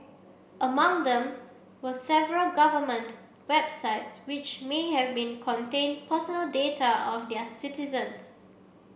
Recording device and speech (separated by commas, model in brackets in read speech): boundary microphone (BM630), read sentence